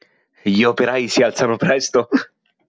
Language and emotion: Italian, happy